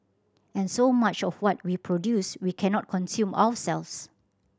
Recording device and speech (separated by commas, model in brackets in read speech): standing microphone (AKG C214), read sentence